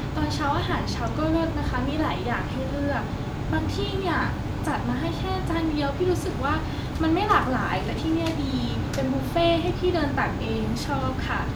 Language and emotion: Thai, happy